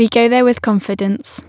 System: none